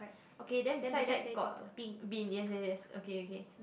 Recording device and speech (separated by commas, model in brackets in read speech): boundary microphone, conversation in the same room